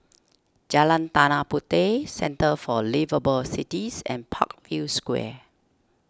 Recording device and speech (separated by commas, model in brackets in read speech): standing microphone (AKG C214), read sentence